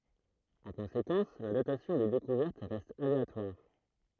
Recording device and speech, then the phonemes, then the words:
throat microphone, read sentence
ɑ̃ kɔ̃sekɑ̃s la datasjɔ̃ de dekuvɛʁt ʁɛst aleatwaʁ
En conséquence la datation des découvertes reste aléatoire.

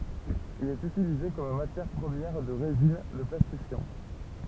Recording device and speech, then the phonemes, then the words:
temple vibration pickup, read sentence
il ɛt ytilize kɔm matjɛʁ pʁəmjɛʁ də ʁezin də plastifjɑ̃
Il est utilisé comme matière première de résines, de plastifiants.

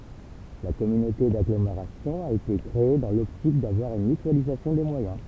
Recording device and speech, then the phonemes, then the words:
temple vibration pickup, read sentence
la kɔmynote daɡlomeʁasjɔ̃ a ete kʁee dɑ̃ lɔptik davwaʁ yn mytyalizasjɔ̃ de mwajɛ̃
La communauté d’agglomération a été créée dans l’optique d’avoir une mutualisation des moyens.

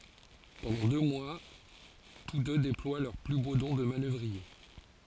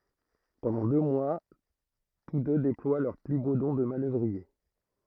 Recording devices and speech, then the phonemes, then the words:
forehead accelerometer, throat microphone, read sentence
pɑ̃dɑ̃ dø mwa tus dø deplwa lœʁ ply bo dɔ̃ də manœvʁie
Pendant deux mois, tous deux déploient leurs plus beaux dons de manœuvriers.

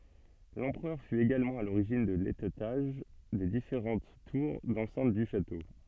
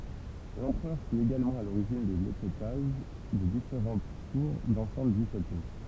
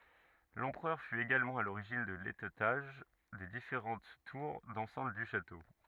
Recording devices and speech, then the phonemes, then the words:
soft in-ear microphone, temple vibration pickup, rigid in-ear microphone, read sentence
lɑ̃pʁœʁ fy eɡalmɑ̃ a loʁiʒin də letɛtaʒ de difeʁɑ̃t tuʁ dɑ̃sɛ̃t dy ʃato
L'empereur fut également à l'origine de l'étêtage des différentes tours d'enceinte du château.

